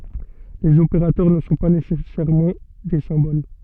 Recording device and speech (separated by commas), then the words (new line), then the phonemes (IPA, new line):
soft in-ear microphone, read sentence
Les opérateurs ne sont pas nécessairement des symboles.
lez opeʁatœʁ nə sɔ̃ pa nesɛsɛʁmɑ̃ de sɛ̃bol